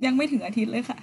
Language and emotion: Thai, sad